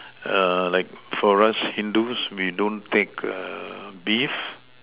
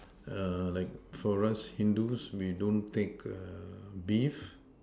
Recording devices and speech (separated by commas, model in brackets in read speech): telephone, standing microphone, conversation in separate rooms